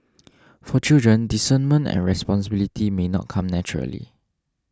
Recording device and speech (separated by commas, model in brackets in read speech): standing microphone (AKG C214), read sentence